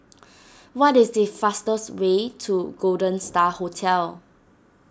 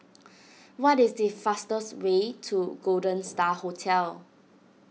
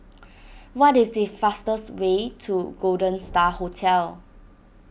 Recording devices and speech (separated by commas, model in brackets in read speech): standing microphone (AKG C214), mobile phone (iPhone 6), boundary microphone (BM630), read sentence